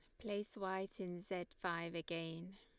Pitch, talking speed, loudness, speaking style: 185 Hz, 155 wpm, -45 LUFS, Lombard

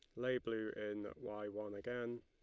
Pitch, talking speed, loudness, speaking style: 110 Hz, 180 wpm, -44 LUFS, Lombard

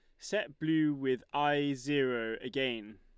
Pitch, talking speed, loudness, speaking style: 135 Hz, 130 wpm, -33 LUFS, Lombard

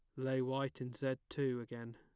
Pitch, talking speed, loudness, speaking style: 130 Hz, 205 wpm, -40 LUFS, plain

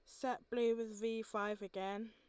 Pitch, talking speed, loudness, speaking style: 225 Hz, 190 wpm, -41 LUFS, Lombard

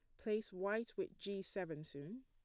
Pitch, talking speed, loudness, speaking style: 200 Hz, 175 wpm, -44 LUFS, plain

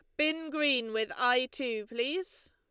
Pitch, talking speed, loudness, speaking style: 255 Hz, 155 wpm, -30 LUFS, Lombard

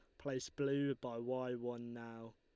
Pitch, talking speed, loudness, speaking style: 125 Hz, 165 wpm, -42 LUFS, Lombard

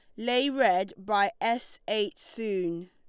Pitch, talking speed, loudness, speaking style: 210 Hz, 135 wpm, -28 LUFS, Lombard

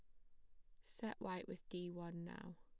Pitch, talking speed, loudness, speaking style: 170 Hz, 205 wpm, -50 LUFS, plain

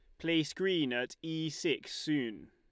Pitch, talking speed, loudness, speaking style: 160 Hz, 155 wpm, -34 LUFS, Lombard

